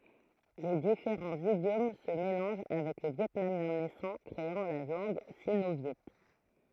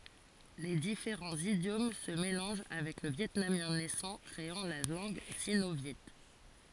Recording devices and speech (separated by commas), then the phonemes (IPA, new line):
throat microphone, forehead accelerometer, read sentence
le difeʁɑ̃z idjom sə melɑ̃ʒ avɛk lə vjɛtnamjɛ̃ nɛsɑ̃ kʁeɑ̃ la lɑ̃ɡ sino vjɛ